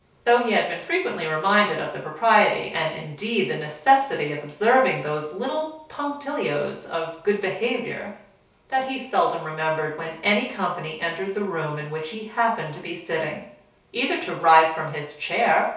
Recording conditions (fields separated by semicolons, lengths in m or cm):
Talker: one person; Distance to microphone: 3.0 m; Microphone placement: far; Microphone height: 1.8 m; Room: small (3.7 m by 2.7 m); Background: none